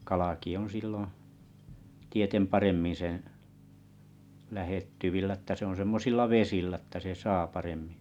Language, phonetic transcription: Finnish, 'kalaki on̬ silloo̰ , 'tietem 'paremmin̬ seḛ , 'lähettyvillä ‿että se on 'semmosilla 'vesillä ‿ttä se saa paremmɪ .
- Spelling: kalakin on silloin tieten paremmin sen lähettyvillä että se on semmoisilla vesillä että se saa paremmin

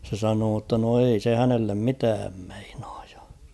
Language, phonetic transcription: Finnish, se 'sanoo ‿tta no ei se 'hänellem 'mitääm ᴍᴇɪɴᴀᴀᴊ ᴊᴀ .
- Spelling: se sanoi jotta no ei se hänelle mitään meinaa ja

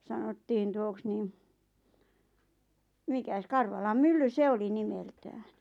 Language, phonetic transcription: Finnish, 'sanottiin tuoks 'niim , mikäs 'Karvalam "mylly "se oli 'nimeltääɴ .
- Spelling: sanottiin tuoksi niin mikäs Karvalan mylly se oli nimeltään

